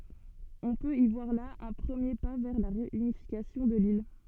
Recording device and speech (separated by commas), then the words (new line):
soft in-ear microphone, read sentence
On peut y voir là un premier pas vers la réunification de l'île.